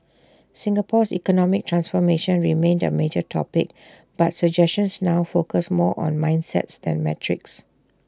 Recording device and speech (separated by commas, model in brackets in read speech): standing microphone (AKG C214), read sentence